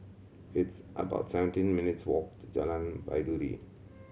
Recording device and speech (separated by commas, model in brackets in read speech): mobile phone (Samsung C7100), read sentence